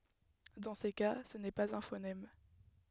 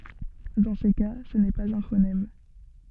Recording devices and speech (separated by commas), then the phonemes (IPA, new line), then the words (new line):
headset microphone, soft in-ear microphone, read sentence
dɑ̃ se ka sə nɛ paz œ̃ fonɛm
Dans ces cas, ce n'est pas un phonème.